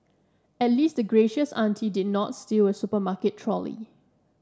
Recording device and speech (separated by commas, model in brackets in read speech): standing microphone (AKG C214), read sentence